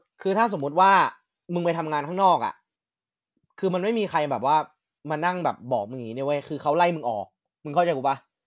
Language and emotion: Thai, frustrated